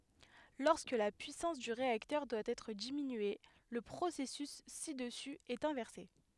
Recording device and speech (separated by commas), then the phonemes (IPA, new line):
headset microphone, read sentence
lɔʁskə la pyisɑ̃s dy ʁeaktœʁ dwa ɛtʁ diminye lə pʁosɛsys si dəsy ɛt ɛ̃vɛʁse